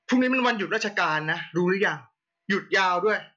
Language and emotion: Thai, angry